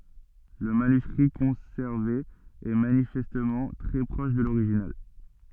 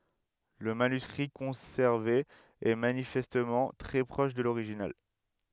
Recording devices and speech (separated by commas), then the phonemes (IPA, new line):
soft in-ear microphone, headset microphone, read sentence
lə manyskʁi kɔ̃sɛʁve ɛ manifɛstmɑ̃ tʁɛ pʁɔʃ də loʁiʒinal